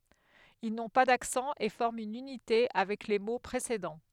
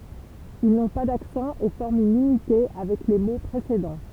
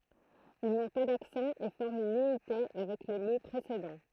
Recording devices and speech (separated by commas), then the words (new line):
headset microphone, temple vibration pickup, throat microphone, read sentence
Ils n'ont pas d'accent et forment une unité avec les mots précédents.